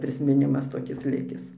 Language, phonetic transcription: Lithuanian, prismiˈnimas toˈkis ˈlikis

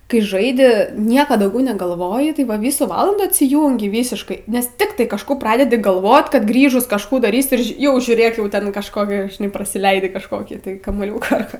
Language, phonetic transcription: Lithuanian, kai ˈžaidi ˈnieka dauˈgiau negalˈvoji tai ˈva ˈvysų ˈvalandų atsiˈjūngi ˈvysiškai ˈnes ˈtiktai kažˈkų ˈpradedi galˈvot kad ˈgrįžus kažˈkų daˈrysi ir ˈži ˈjau žiūˈrėk jau ˈten kažˈkokia žiˈnai prasiˈleidi kažˈkokį tai kamuoˈliūką ar ˈką

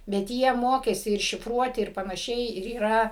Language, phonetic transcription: Lithuanian, bet ˈjie ˈmokėsi ir šifˈruoti ir panaˈšiai ir yˈra

